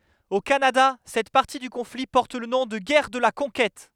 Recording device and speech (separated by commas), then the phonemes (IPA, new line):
headset microphone, read sentence
o kanada sɛt paʁti dy kɔ̃fli pɔʁt lə nɔ̃ də ɡɛʁ də la kɔ̃kɛt